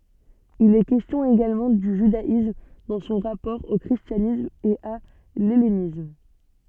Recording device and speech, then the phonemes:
soft in-ear microphone, read sentence
il ɛ kɛstjɔ̃ eɡalmɑ̃ dy ʒydaism dɑ̃ sɔ̃ ʁapɔʁ o kʁistjanism e a lɛlenism

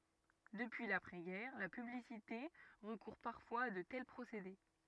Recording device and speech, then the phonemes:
rigid in-ear microphone, read sentence
dəpyi lapʁɛ ɡɛʁ la pyblisite ʁəkuʁ paʁfwaz a də tɛl pʁosede

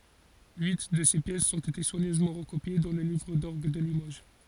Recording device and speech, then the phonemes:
forehead accelerometer, read sentence
yi də se pjɛsz ɔ̃t ete swaɲøzmɑ̃ ʁəkopje dɑ̃ lə livʁ dɔʁɡ də limoʒ

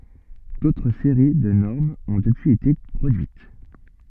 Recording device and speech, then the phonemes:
soft in-ear microphone, read sentence
dotʁ seʁi də nɔʁmz ɔ̃ dəpyiz ete pʁodyit

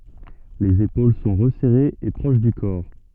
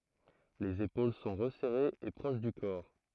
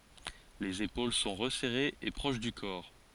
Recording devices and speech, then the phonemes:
soft in-ear microphone, throat microphone, forehead accelerometer, read sentence
lez epol sɔ̃ ʁəsɛʁez e pʁoʃ dy kɔʁ

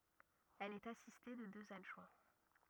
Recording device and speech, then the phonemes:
rigid in-ear microphone, read sentence
ɛl ɛt asiste də døz adʒwɛ̃

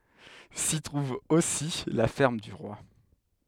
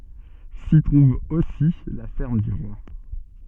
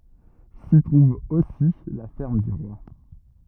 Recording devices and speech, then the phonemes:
headset microphone, soft in-ear microphone, rigid in-ear microphone, read sentence
si tʁuv osi la fɛʁm dy ʁwa

